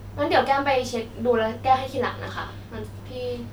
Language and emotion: Thai, neutral